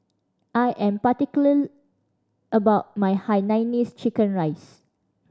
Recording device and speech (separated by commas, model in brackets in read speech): standing microphone (AKG C214), read sentence